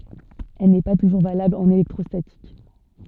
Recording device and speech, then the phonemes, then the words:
soft in-ear microphone, read sentence
ɛl nɛ pa tuʒuʁ valabl ɑ̃n elɛktʁɔstatik
Elle n'est pas toujours valable en électrostatique.

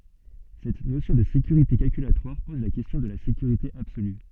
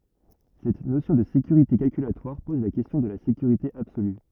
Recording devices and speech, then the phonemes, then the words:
soft in-ear microphone, rigid in-ear microphone, read sentence
sɛt nosjɔ̃ də sekyʁite kalkylatwaʁ pɔz la kɛstjɔ̃ də la sekyʁite absoly
Cette notion de sécurité calculatoire pose la question de la sécurité absolue.

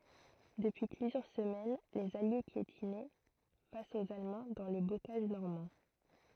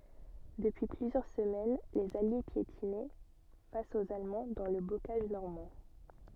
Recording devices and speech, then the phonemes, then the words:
throat microphone, soft in-ear microphone, read sentence
dəpyi plyzjœʁ səmɛn lez alje pjetinɛ fas oz almɑ̃ dɑ̃ lə bokaʒ nɔʁmɑ̃
Depuis plusieurs semaines, les Alliés piétinaient face aux Allemands dans le bocage normand.

